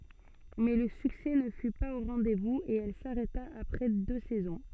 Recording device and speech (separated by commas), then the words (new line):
soft in-ear microphone, read sentence
Mais le succès ne fut pas au rendez-vous et elle s'arrêta après deux saisons.